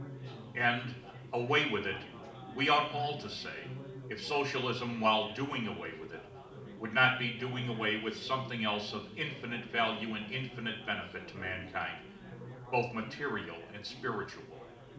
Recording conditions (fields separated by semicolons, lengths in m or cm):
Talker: one person; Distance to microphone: 2.0 m; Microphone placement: close; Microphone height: 99 cm; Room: medium-sized (5.7 m by 4.0 m); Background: babble